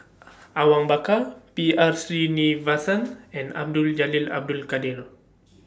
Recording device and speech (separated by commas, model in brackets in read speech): standing microphone (AKG C214), read sentence